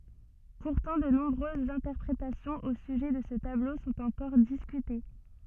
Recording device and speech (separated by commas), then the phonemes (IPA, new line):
soft in-ear microphone, read sentence
puʁtɑ̃ də nɔ̃bʁøzz ɛ̃tɛʁpʁetasjɔ̃z o syʒɛ də sə tablo sɔ̃t ɑ̃kɔʁ diskyte